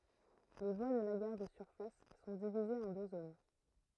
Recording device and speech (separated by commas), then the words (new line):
throat microphone, read sentence
Les voies de la gare de surface sont divisées en deux zones.